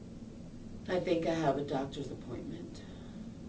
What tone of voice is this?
neutral